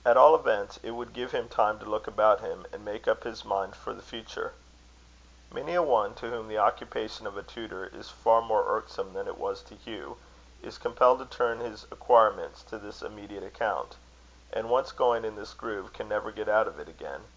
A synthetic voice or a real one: real